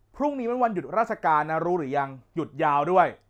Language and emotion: Thai, frustrated